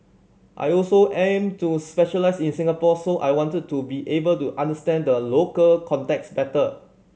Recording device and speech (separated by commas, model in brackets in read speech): mobile phone (Samsung C7100), read sentence